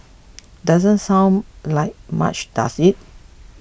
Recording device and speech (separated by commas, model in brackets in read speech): boundary microphone (BM630), read sentence